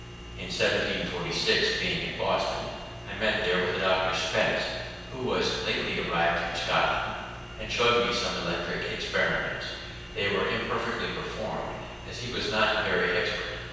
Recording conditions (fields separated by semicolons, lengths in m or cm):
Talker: one person; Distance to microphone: 7.1 m; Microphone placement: far; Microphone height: 1.7 m; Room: very reverberant, large; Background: none